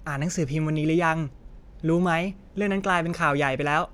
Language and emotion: Thai, neutral